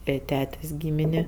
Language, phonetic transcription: Lithuanian, ˈė ˈtetės' ˈgymini

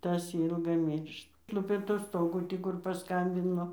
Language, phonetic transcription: Lithuanian, ˈtas ˈylgai ˈmyršt ˈlupė tuˈstogų ˈtį kur paˈskambino

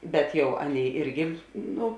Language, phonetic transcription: Lithuanian, ˈbet ˈjau ˈaˌnėi ˈirgi ˈnu

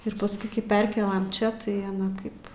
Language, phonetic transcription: Lithuanian, ir pasˈkui kai ˈperkėlam ˈčia tai aˈna ˈkaip

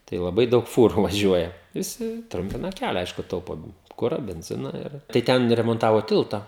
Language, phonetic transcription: Lithuanian, tai laˈbai ˈdaug ˈfūru vaˈžiuoja viˈsi ˈtrumpina ˈkælia ˈaišku ˈtaupo ˈkura benˈzina ir tai ˈten remonˈtavo ˈtilta

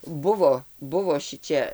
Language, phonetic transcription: Lithuanian, ˈbuvo ˈbuvo ˈšičia

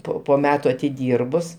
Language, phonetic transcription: Lithuanian, ˈpo po ˈmetu atiˈdyrbus

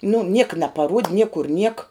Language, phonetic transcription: Lithuanian, nu ˈnieka napaˈruod' ˈniekur niek

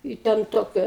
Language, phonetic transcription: Lithuanian, i ˈten ˈtokia

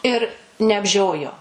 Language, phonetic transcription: Lithuanian, ir neapˈžiojo

